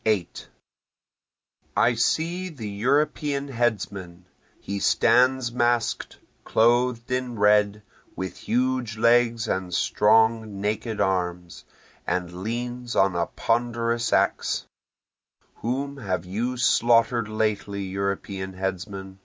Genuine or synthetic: genuine